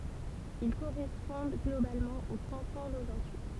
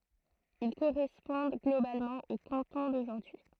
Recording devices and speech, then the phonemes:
temple vibration pickup, throat microphone, read sentence
il koʁɛspɔ̃d ɡlobalmɑ̃ o kɑ̃tɔ̃ doʒuʁdyi

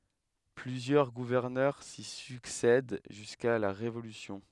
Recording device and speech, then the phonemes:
headset microphone, read sentence
plyzjœʁ ɡuvɛʁnœʁ si syksɛd ʒyska la ʁevolysjɔ̃

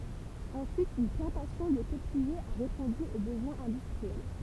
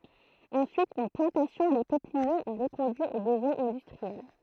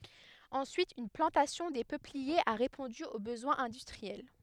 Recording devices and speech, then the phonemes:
temple vibration pickup, throat microphone, headset microphone, read sentence
ɑ̃syit yn plɑ̃tasjɔ̃ de pøpliez a ʁepɔ̃dy o bəzwɛ̃z ɛ̃dystʁiɛl

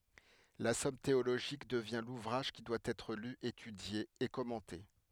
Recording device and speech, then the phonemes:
headset microphone, read sentence
la sɔm teoloʒik dəvjɛ̃ luvʁaʒ ki dwa ɛtʁ ly etydje e kɔmɑ̃te

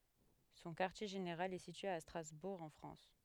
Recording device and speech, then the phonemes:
headset microphone, read sentence
sɔ̃ kaʁtje ʒeneʁal ɛ sitye a stʁazbuʁ ɑ̃ fʁɑ̃s

